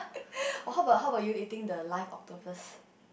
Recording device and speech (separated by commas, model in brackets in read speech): boundary microphone, conversation in the same room